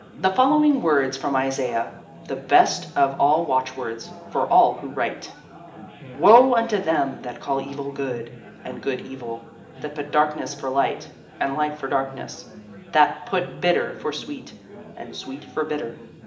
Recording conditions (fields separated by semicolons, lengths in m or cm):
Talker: one person; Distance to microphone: 1.8 m; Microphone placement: close; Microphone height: 1.0 m; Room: large; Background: babble